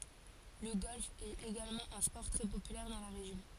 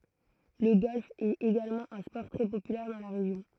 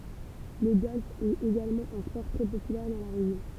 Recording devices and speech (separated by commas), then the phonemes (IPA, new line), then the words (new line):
forehead accelerometer, throat microphone, temple vibration pickup, read sentence
lə ɡɔlf ɛt eɡalmɑ̃ œ̃ spɔʁ tʁɛ popylɛʁ dɑ̃ la ʁeʒjɔ̃
Le golf est également un sport très populaire dans la région.